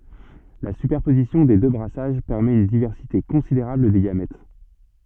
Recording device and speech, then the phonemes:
soft in-ear microphone, read sentence
la sypɛʁpozisjɔ̃ de dø bʁasaʒ pɛʁmɛt yn divɛʁsite kɔ̃sideʁabl de ɡamɛt

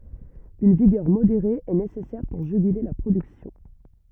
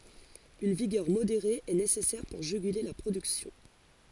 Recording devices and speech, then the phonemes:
rigid in-ear microphone, forehead accelerometer, read sentence
yn viɡœʁ modeʁe ɛ nesɛsɛʁ puʁ ʒyɡyle la pʁodyksjɔ̃

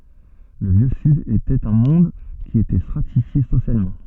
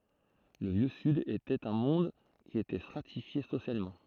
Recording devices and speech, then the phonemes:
soft in-ear microphone, throat microphone, read sentence
lə vjø syd etɛt œ̃ mɔ̃d ki etɛ stʁatifje sosjalmɑ̃

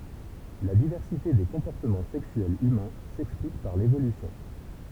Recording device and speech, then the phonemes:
temple vibration pickup, read sentence
la divɛʁsite de kɔ̃pɔʁtəmɑ̃ sɛksyɛlz ymɛ̃ sɛksplik paʁ levolysjɔ̃

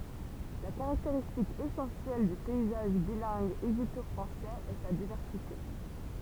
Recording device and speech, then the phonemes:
temple vibration pickup, read sentence
la kaʁakteʁistik esɑ̃sjɛl dy pɛizaʒ bilɛ̃ɡ eʒipto fʁɑ̃sɛz ɛ sa divɛʁsite

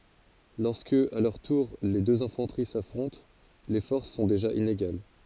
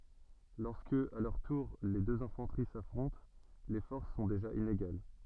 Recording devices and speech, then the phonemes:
forehead accelerometer, soft in-ear microphone, read sentence
lɔʁskə a lœʁ tuʁ le døz ɛ̃fɑ̃təʁi safʁɔ̃t le fɔʁs sɔ̃ deʒa ineɡal

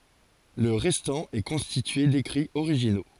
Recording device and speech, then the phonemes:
forehead accelerometer, read sentence
lə ʁɛstɑ̃ ɛ kɔ̃stitye dekʁiz oʁiʒino

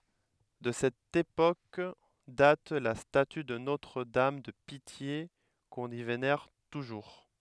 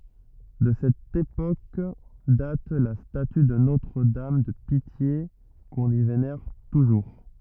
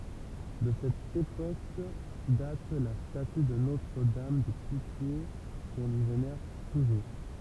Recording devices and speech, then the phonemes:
headset microphone, rigid in-ear microphone, temple vibration pickup, read sentence
də sɛt epok dat la staty də notʁədam də pitje kɔ̃n i venɛʁ tuʒuʁ

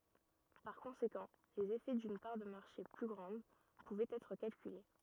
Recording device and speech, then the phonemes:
rigid in-ear microphone, read sentence
paʁ kɔ̃sekɑ̃ lez efɛ dyn paʁ də maʁʃe ply ɡʁɑ̃d puvɛt ɛtʁ kalkyle

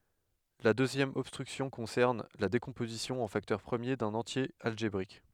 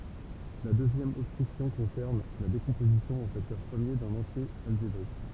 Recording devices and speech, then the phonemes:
headset microphone, temple vibration pickup, read sentence
la døzjɛm ɔbstʁyksjɔ̃ kɔ̃sɛʁn la dekɔ̃pozisjɔ̃ ɑ̃ faktœʁ pʁəmje dœ̃n ɑ̃tje alʒebʁik

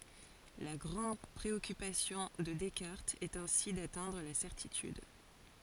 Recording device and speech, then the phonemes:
forehead accelerometer, read sentence
la ɡʁɑ̃d pʁeɔkypasjɔ̃ də dɛskaʁtz ɛt ɛ̃si datɛ̃dʁ la sɛʁtityd

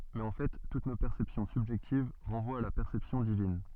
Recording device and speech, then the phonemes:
soft in-ear microphone, read sentence
mɛz ɑ̃ fɛ tut no pɛʁsɛpsjɔ̃ sybʒɛktiv ʁɑ̃vwat a la pɛʁsɛpsjɔ̃ divin

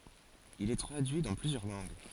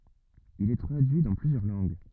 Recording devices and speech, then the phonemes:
forehead accelerometer, rigid in-ear microphone, read sentence
il ɛ tʁadyi dɑ̃ plyzjœʁ lɑ̃ɡ

